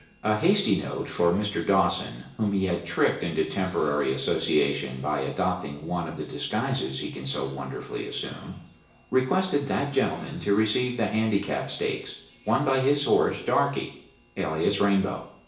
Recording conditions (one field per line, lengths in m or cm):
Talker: one person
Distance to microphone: 1.8 m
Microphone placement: close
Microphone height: 1.0 m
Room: large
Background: television